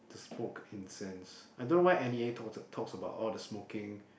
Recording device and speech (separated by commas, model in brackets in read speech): boundary microphone, conversation in the same room